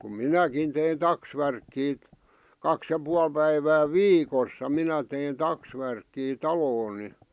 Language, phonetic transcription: Finnish, kum "minäkin tein 'taksvärkkiit̳ , 'kaks ja 'pual päivä "viikossa 'minä tein "taksvärkkii "taloon̆ ni .
- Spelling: kun minäkin tein taksvärkkiä kaksi ja puoli päivää viikossa minä tein taksvärkkiä taloon niin

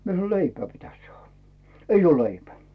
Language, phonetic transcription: Finnish, 'mie sano » "leipää pitäs 'saahᴀ « , » 'eij ‿oo 'leipä « .
- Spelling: minä sanoin leipää pitäisi saada ei ole leipää

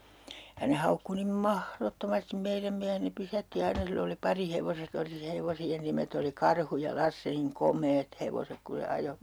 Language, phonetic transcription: Finnish, ja ne 'haukku nim "mahrotto'mastim 'meiräm miähen ne 'pysätti 'aina 'sill ‿oli 'pari'hevoset ‿oli se hevosi₍en 'nimet ‿oli "Karhu ja "Lasse niŋ "kom̆meet 'hevosek ku se 'ajo .
- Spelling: ja ne haukkui niin mahdottomasti meidän miehen ne pysäytti aina sillä oli parihevoset oli se hevosien nimet oli Karhu ja Lasse niin komeat hevoset kun se ajoi

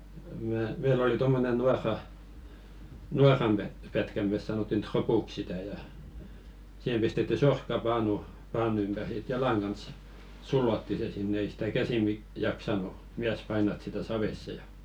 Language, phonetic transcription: Finnish, mä , meil ‿oli 'tommonen "nuarra- , "nuar̆ram pä- pätkä 'mès sanòttin "tropuk sitä ja , siʰem 'pistetty "sorkka'paanu , 'paanu ympär ʲᵃ sit 'jalaŋ kans , "sullotti se sinne 'ei sɪtä "käsi 'mi- jaksanu , 'miäs 'painat sitä "savesse ja .
- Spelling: minä meillä oli tuommoinen - nuoran - pätkä me sanottiin tropuksi sitä ja siihen pistetty sorkkapaanu paanu ympäri ja sitten jalan kanssa sullottiin se sinne ei sitä käsi - jaksanut mies painaa sitä saveen ja

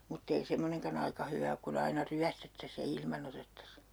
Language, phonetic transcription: Finnish, mut't ‿ei 'semmoneŋkan ‿aika 'hyvä ok ku'n ‿aina "ryästettäs ja 'ilman ‿otettas .
- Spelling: mutta ei semmoinenkaan aika hyvä ole kun aina ryöstettäisiin ja ilman otettaisiin

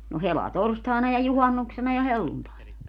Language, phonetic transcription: Finnish, no "helatorstàena ja "juhannuksena ja "helluntàena .
- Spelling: no helatorstaina ja juhannuksena ja helluntaina

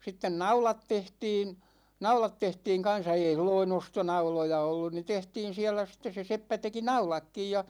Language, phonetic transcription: Finnish, 'sitten "naulat 'tehtiin , 'naulat 'tehtiiŋ kan̬sa 'ei sil-loi"n ‿ostonauloja ollun ni 'tehtiin̬ siälä sit̆tes se 'seppä 'teki "naulakkij ja .
- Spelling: sitten naulat tehtiin naulat tehtiin kanssa ei silloin ostonauloja ollut niin tehtiin siellä sitten se seppä teki naulatkin ja

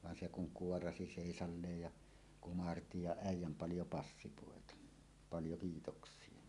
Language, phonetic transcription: Finnish, van 'se kuŋ "kuorasi 'sèisalleej ja , 'kumarti ja äij̆jäm 'paljo 'passipòeta « , "paljo , 'kiitoks̀ie .
- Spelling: vaan se kun kuoraisi seisalleen ja kumarsi ja äijän paljon passipoita paljon kiitoksia

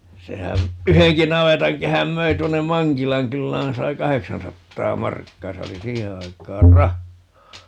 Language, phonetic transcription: Finnish, 'sehän , "yheŋki 'navetaŋkehäm 'möi 'tuonnem̆ "Maŋkilaŋ 'kyllään - 'sai "kaheksansattaa 'markkaa - 'se oli "siihe 'aik̀aar "rahhaa .
- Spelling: sehän yhdenkin navetankehän myi tuonne Mankilan kylään sai kahdeksansataa markkaa se oli siihen aikaan rahaa

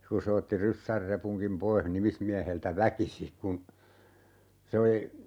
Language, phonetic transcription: Finnish, ku se 'otti "ryssär 'repuŋkim 'poih 'nimismiäheltä "väkisi , kun , 'se oli , .
- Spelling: kun se otti ryssän repunkin pois nimismieheltä väkisin kun se oli

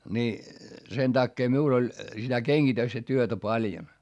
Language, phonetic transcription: Finnish, ni , sen takkee miul ‿oĺ , sitä keŋGitöstä työtä paljon .
- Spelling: niin sen takia minulla oli sitä kengitystä työtä paljon

